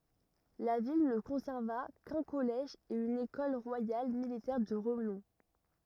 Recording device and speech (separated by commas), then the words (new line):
rigid in-ear microphone, read sentence
La ville ne conserva qu’un collège et une Ecole royale militaire de renom.